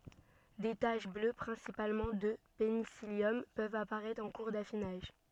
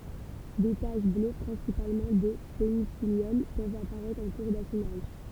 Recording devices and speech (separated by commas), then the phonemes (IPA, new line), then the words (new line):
soft in-ear microphone, temple vibration pickup, read sentence
de taʃ blø pʁɛ̃sipalmɑ̃ də penisiljɔm pøvt apaʁɛtʁ ɑ̃ kuʁ dafinaʒ
Des taches bleues, principalement de pénicillium, peuvent apparaître en cours d’affinage.